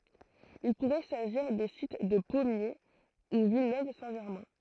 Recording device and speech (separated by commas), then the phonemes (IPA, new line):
throat microphone, read sentence
il puʁɛ saʒiʁ de sit də pɔmje u vilnøv sɛ̃ ʒɛʁmɛ̃